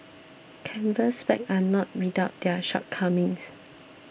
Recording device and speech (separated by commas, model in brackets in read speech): boundary microphone (BM630), read sentence